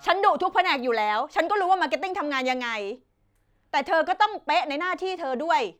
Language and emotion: Thai, angry